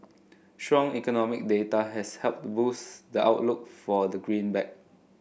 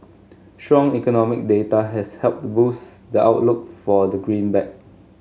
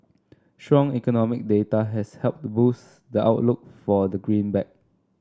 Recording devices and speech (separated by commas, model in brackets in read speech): boundary microphone (BM630), mobile phone (Samsung S8), standing microphone (AKG C214), read sentence